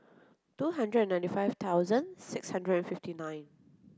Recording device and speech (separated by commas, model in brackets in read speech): close-talking microphone (WH30), read sentence